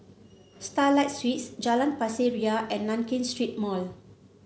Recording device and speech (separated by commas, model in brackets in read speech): mobile phone (Samsung C7), read sentence